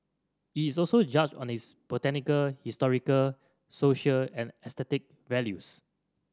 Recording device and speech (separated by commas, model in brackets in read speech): standing microphone (AKG C214), read sentence